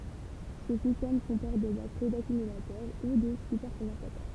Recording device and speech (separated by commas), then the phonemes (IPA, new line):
temple vibration pickup, read sentence
sə sistɛm kɔ̃pɔʁt de batəʁi dakymylatœʁ u de sypɛʁkɔ̃dɑ̃satœʁ